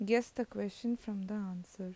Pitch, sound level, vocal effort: 210 Hz, 81 dB SPL, soft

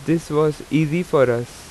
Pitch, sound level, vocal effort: 155 Hz, 87 dB SPL, normal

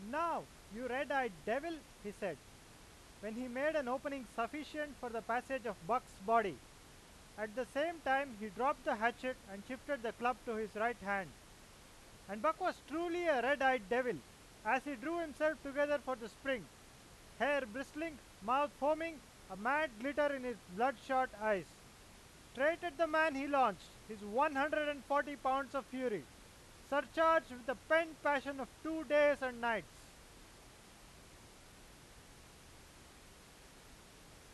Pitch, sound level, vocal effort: 260 Hz, 100 dB SPL, very loud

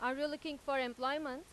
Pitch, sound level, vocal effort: 275 Hz, 95 dB SPL, loud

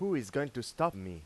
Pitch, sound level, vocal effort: 130 Hz, 93 dB SPL, loud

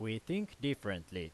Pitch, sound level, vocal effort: 110 Hz, 88 dB SPL, loud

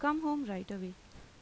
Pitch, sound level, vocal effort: 205 Hz, 84 dB SPL, normal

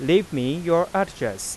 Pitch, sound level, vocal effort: 165 Hz, 92 dB SPL, normal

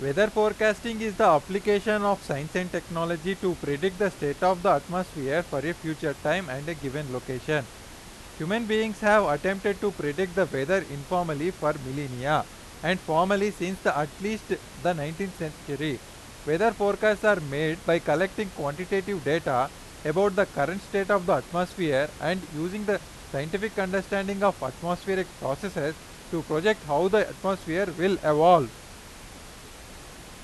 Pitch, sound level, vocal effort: 175 Hz, 95 dB SPL, very loud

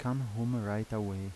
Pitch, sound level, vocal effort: 110 Hz, 80 dB SPL, soft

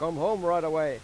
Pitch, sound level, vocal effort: 165 Hz, 98 dB SPL, very loud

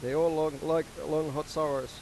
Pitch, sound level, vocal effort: 155 Hz, 94 dB SPL, normal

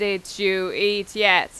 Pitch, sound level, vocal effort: 200 Hz, 93 dB SPL, very loud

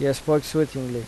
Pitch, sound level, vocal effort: 140 Hz, 83 dB SPL, normal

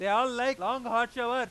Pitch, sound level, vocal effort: 245 Hz, 105 dB SPL, very loud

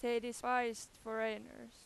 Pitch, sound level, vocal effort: 235 Hz, 94 dB SPL, very loud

